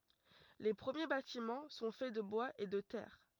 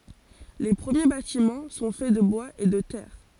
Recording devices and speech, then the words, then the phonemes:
rigid in-ear microphone, forehead accelerometer, read sentence
Les premiers bâtiments sont faits de bois et de terre.
le pʁəmje batimɑ̃ sɔ̃ fɛ də bwaz e də tɛʁ

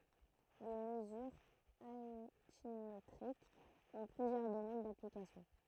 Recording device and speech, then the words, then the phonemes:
throat microphone, read sentence
Les mesures altimétriques ont plusieurs domaines d'application.
le məzyʁz altimetʁikz ɔ̃ plyzjœʁ domɛn daplikasjɔ̃

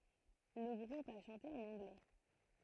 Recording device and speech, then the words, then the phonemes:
throat microphone, read sentence
Le groupe a chanté en anglais.
lə ɡʁup a ʃɑ̃te ɑ̃n ɑ̃ɡlɛ

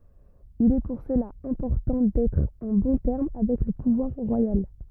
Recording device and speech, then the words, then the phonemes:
rigid in-ear microphone, read sentence
Il est pour cela important d'être en bons termes avec le pouvoir royal.
il ɛ puʁ səla ɛ̃pɔʁtɑ̃ dɛtʁ ɑ̃ bɔ̃ tɛʁm avɛk lə puvwaʁ ʁwajal

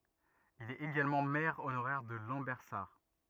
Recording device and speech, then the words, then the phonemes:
rigid in-ear microphone, read sentence
Il est également maire honoraire de Lambersart.
il ɛt eɡalmɑ̃ mɛʁ onoʁɛʁ də lɑ̃bɛʁsaʁ

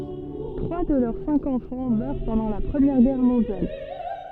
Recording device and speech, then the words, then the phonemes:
soft in-ear microphone, read sentence
Trois de leurs cinq enfants meurent pendant la Première Guerre mondiale.
tʁwa də lœʁ sɛ̃k ɑ̃fɑ̃ mœʁ pɑ̃dɑ̃ la pʁəmjɛʁ ɡɛʁ mɔ̃djal

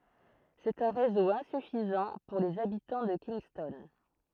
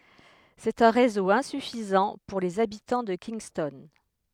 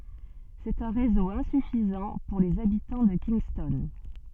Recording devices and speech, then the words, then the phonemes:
throat microphone, headset microphone, soft in-ear microphone, read sentence
C'est un réseau insuffisant pour les habitants de Kingston.
sɛt œ̃ ʁezo ɛ̃syfizɑ̃ puʁ lez abitɑ̃ də kinstɔn

